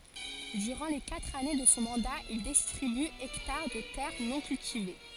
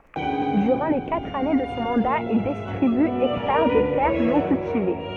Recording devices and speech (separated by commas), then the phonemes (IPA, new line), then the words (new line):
forehead accelerometer, soft in-ear microphone, read sentence
dyʁɑ̃ le katʁ ane də sɔ̃ mɑ̃da il distʁiby ɛktaʁ də tɛʁ nɔ̃ kyltive
Durant les quatre années de son mandat, il distribue hectares de terres non cultivées.